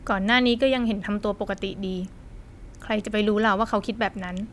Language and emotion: Thai, neutral